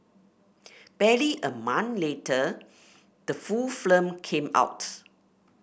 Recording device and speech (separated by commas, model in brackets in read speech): boundary microphone (BM630), read sentence